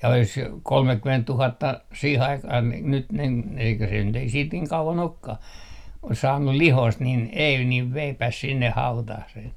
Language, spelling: Finnish, ja olisi kolmekymmentätuhatta siihen aikaan niin nyt niin - eikä se nyt ei siitä niin kauan olekaan olisi saanut lihoista niin ei niin veipäs sinne hautaan sen
- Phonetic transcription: ja olis , 'kolmekkymenttuhatta 'siih 'aikah ni nyt nin n - eikä se nyt ‿ei siit 'niiŋ "kauva'n ‿okkah , ois 'saannu "lihoist nin ei niv "veipäs 'sinneh 'hautah sen .

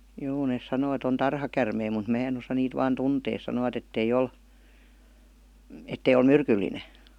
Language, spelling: Finnish, joo ne sanoo että on tarhakäärmeitä mutta minä en osaa niitä vain tuntea sanovat että ei ole että ei ole myrkyllinen
- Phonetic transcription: 'joo nes 'sanoo et ‿on "tarhakärmei mut "mää en osa 'niit vaan "tuntee sanovat ettei 'ol , ettei ol "myrkylline .

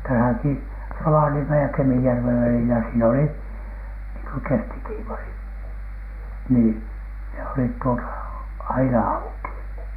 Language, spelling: Finnish, tässäkin Rovaniemen ja Kemijärven välillä siinä oli niin kuin kestikievari niin ne olivat tuota aina auki
- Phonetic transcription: täsäki , 'Rovaniemej ja 'Kemijärvev välilä sii'n ‿oli , niiŋ ko "kestikiivari , nii , ne olit tuota , "aina 'auki .

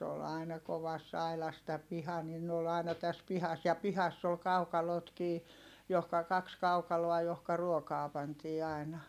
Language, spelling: Finnish, se oli aina kovassa aidassa tämä piha niin ne oli aina tässä pihassa ja pihassa oli kaukalotkin johonka kaksi kaukaloa johon ruokaa pantiin aina
- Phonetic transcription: s ‿ool ài̮na kovass ‿ailas tä piha nin n ‿ool aina täs pihas ja pihass ‿ol kaukalotkii , johka kaks kaukaloa johka ruokaa pantii ài̮na .

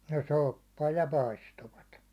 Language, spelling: Finnish, no soppaa ja paistoivat
- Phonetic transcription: no "soppaa ja "paistovat .

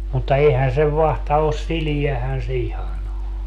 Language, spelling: Finnish, mutta eihän sen vatsa ole sileähän se ihan on
- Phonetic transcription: mutta 'eihän sev 'vahta os - "siliähän se 'ihan ‿o .

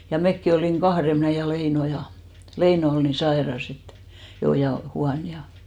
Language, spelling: Finnish, ja mekin olimme kahden minä ja Leino ja Leino oli niin sairas että jo ja huono ja
- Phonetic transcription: ja 'mekki olìŋ "Cahre 'mnä̀ ja 'Leino ja , 'Leino ol ni "saeras ‿et , 'jo ja 'huan ja .

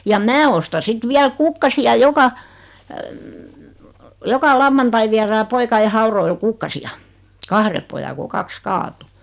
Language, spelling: Finnish, ja minä ostan sitten vielä kukkasia joka joka lauantai viedään poikien haudoille kukkasia kahden pojan kun kaksi kaatui
- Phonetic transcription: ja "mää osta sit 'viäl "kukkasi₍a 'joka , 'joka "lavvantai viärää 'poika₍e "hauroil 'kukkasi₍a , 'kahre poja ko 'kaks "kaatu .

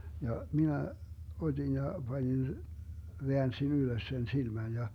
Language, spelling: Finnish, ja minä otin ja panin väänsin ylös sen silmän ja
- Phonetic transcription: 'ja , 'minä , 'ot́in ja , 'Bańin , 'veänsin 'ylös sen 'silmän ja ,.

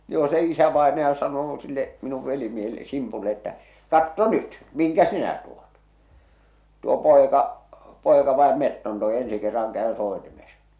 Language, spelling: Finnish, joo se isävainaja sanoo sille minun velimiehelle Simpulle että katso nyt minkä sinä tuot tuo poika poika vain metson toi ensi kerran käy soitimessa
- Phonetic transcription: joo se 'isävaenaja sanoo sille , 'minuv 'velimiehelˡᵉ 'Simpulle että , » "katto "nyt , miŋkä "sinä tuᴏt , tuo "pòeka , "pòeka 'vaem "metton 'toe 'ensi 'kerraŋ käö 'sòetimes . «

